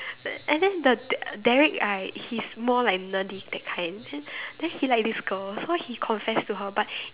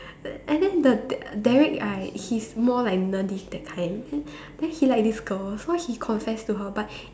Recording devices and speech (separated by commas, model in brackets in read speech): telephone, standing microphone, conversation in separate rooms